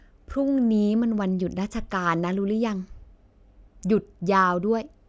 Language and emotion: Thai, frustrated